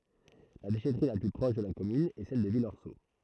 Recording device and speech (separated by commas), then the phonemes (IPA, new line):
throat microphone, read sentence
la deʃɛtʁi la ply pʁɔʃ də la kɔmyn ɛ sɛl də vilɔʁso